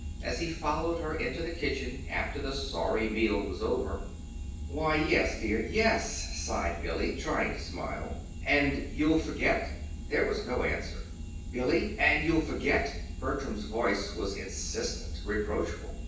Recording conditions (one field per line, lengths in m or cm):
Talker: one person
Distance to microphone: 9.8 m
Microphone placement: far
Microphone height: 1.8 m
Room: large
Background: none